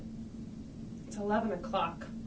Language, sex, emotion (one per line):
English
female
disgusted